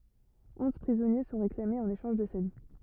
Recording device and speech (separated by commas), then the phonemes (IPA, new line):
rigid in-ear microphone, read sentence
ɔ̃z pʁizɔnje sɔ̃ ʁeklamez ɑ̃n eʃɑ̃ʒ də sa vi